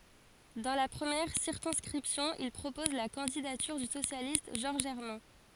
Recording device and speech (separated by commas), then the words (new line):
forehead accelerometer, read sentence
Dans la première circonscription, il propose la candidature du socialiste Georges Hermin.